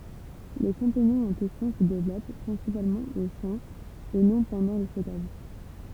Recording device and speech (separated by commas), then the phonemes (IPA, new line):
temple vibration pickup, read sentence
le ʃɑ̃piɲɔ̃z ɑ̃ kɛstjɔ̃ sə devlɔp pʁɛ̃sipalmɑ̃ o ʃɑ̃ e nɔ̃ pɑ̃dɑ̃ lə stɔkaʒ